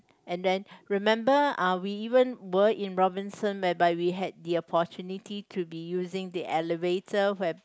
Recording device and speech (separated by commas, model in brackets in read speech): close-talking microphone, conversation in the same room